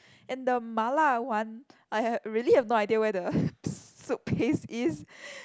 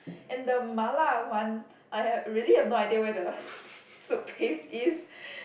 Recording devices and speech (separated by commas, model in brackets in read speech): close-talking microphone, boundary microphone, conversation in the same room